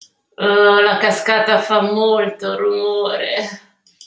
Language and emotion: Italian, disgusted